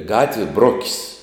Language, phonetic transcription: Lithuanian, ˈgatvie ˈbrokis'

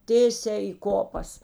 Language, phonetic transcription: Lithuanian, ˈtėsiā į ˈkopas

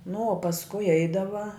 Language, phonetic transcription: Lithuanian, nu o pasˈkui ˈeidava

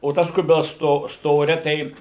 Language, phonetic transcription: Lithuanian, o ˈtas ˈkubils ˈsto ˈstoria ˈtei

